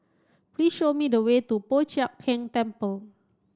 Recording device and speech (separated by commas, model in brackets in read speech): standing microphone (AKG C214), read sentence